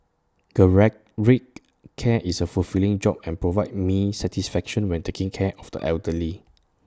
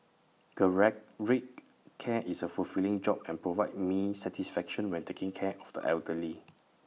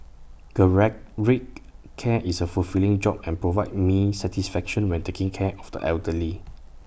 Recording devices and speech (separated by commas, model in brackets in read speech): standing microphone (AKG C214), mobile phone (iPhone 6), boundary microphone (BM630), read sentence